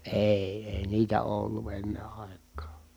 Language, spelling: Finnish, ei ei niitä ole ollut ennen aikaan
- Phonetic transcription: èi̮ , èi niitä oo ollu enne ài̮k̆kaa .

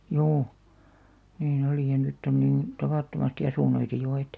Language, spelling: Finnish, juu niin oli ja nyt on niin tavattomasti asuntoja jo että
- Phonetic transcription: 'juu , niin ‿olì§ ja 'nytt ‿on niin , "tavàttomasti asùn̆§noita 'jo et .

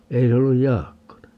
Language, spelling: Finnish, ei se ollut Jaakkonen
- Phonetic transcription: 'ei se olluj "Jaakkone .

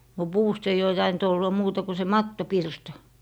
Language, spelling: Finnish, no puusta ei ole tainnut olla muuta kuin se mattopirta
- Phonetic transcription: no , "puust ei'j ‿oo taint ‿olla 'muuta ku se "mattopirta .

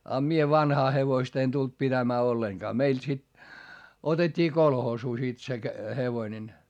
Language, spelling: Finnish, ja minä vanhaa hevosta en tullut pitämään ollenkaan meille sitten otettiin kolhoosiin sitten se hevonen
- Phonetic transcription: a mie vanhaa hevoista en tult pitämää olleŋkaa - meil sit , otet́t́ii kolhoosuu sit se , hevoⁱnen .

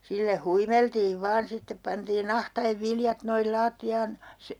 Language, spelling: Finnish, sillä huimeltiin vain sitten pantiin ahtaen viljat noin lattiaan -
- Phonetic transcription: 'sillä "huimeltiiv 'vaan sittep 'pantiin ‿ahta₍ev 'viljat noil 'laatti₍aan , se - ,.

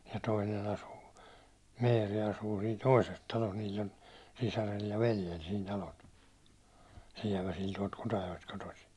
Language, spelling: Finnish, ja toinen asuu Meeri asuu siinä toisessa talossa niillä on sisarella ja veljellä siinä talot Sieväsillä tuolta Kutajoesta kotoisin
- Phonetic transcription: ja 'toinen ‿asuu , 'meeri asuu siin "toises talos , niill ‿on 'sisärel ja 'veljel siin talot , 'siɛväsil tuålt 'Kutajo₍est kotosi .

